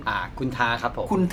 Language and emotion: Thai, neutral